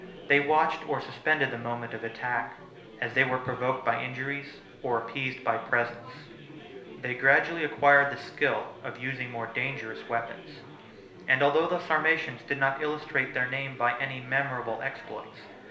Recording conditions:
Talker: one person; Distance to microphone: 1.0 m; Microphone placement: close; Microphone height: 1.1 m; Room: small (3.7 m by 2.7 m); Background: babble

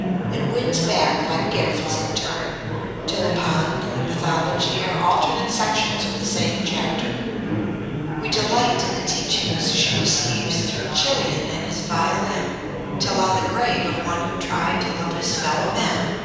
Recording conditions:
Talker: one person; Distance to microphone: 7.1 m; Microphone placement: far; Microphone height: 1.7 m; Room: very reverberant, large; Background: babble

